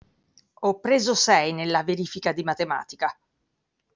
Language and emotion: Italian, angry